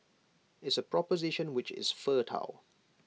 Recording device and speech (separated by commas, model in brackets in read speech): mobile phone (iPhone 6), read sentence